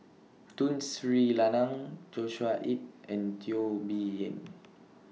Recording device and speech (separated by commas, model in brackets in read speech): mobile phone (iPhone 6), read sentence